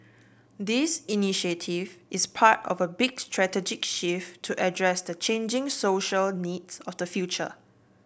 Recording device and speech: boundary microphone (BM630), read sentence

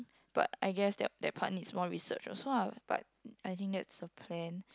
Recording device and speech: close-talking microphone, conversation in the same room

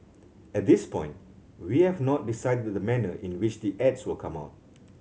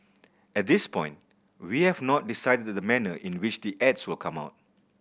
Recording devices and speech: mobile phone (Samsung C7100), boundary microphone (BM630), read sentence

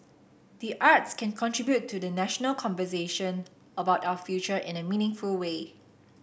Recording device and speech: boundary microphone (BM630), read sentence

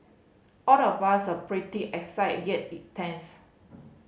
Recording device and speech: mobile phone (Samsung C5010), read sentence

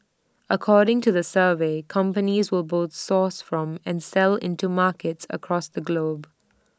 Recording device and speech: standing microphone (AKG C214), read sentence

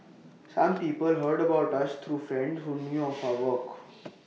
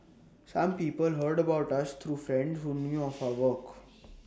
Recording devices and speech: mobile phone (iPhone 6), standing microphone (AKG C214), read sentence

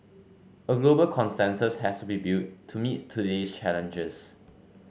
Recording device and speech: mobile phone (Samsung C5), read sentence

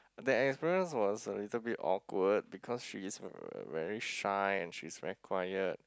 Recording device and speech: close-talking microphone, conversation in the same room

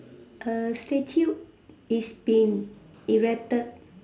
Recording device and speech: standing microphone, conversation in separate rooms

